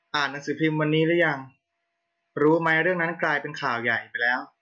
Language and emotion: Thai, neutral